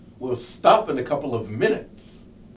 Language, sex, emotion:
English, male, angry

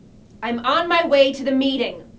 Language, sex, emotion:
English, female, angry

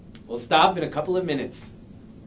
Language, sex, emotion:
English, male, neutral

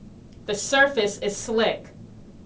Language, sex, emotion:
English, female, angry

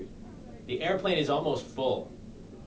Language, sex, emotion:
English, male, neutral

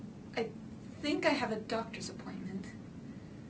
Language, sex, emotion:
English, female, fearful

